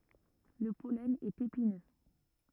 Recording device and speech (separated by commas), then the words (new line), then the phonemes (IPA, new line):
rigid in-ear microphone, read sentence
Le pollen est épineux.
lə pɔlɛn ɛt epinø